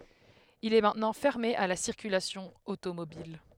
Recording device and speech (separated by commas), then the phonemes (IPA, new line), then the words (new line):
headset microphone, read sentence
il ɛ mɛ̃tnɑ̃ fɛʁme a la siʁkylasjɔ̃ otomobil
Il est maintenant fermé à la circulation automobile.